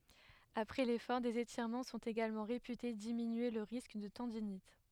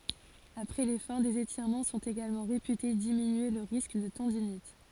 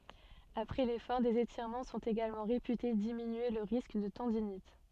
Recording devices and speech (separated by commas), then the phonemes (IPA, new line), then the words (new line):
headset microphone, forehead accelerometer, soft in-ear microphone, read sentence
apʁɛ lefɔʁ dez etiʁmɑ̃ sɔ̃t eɡalmɑ̃ ʁepyte diminye lə ʁisk də tɑ̃dinit
Après l’effort, des étirements sont également réputés diminuer le risque de tendinite.